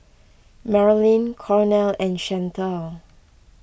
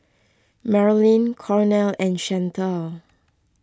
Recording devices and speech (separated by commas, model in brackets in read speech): boundary microphone (BM630), close-talking microphone (WH20), read sentence